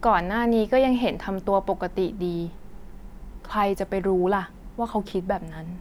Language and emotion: Thai, neutral